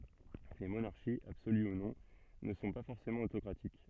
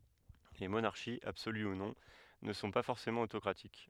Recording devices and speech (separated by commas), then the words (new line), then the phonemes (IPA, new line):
soft in-ear microphone, headset microphone, read sentence
Les monarchies, absolues ou non, ne sont pas forcément autocratiques.
le monaʁʃiz absoly u nɔ̃ nə sɔ̃ pa fɔʁsemɑ̃ otokʁatik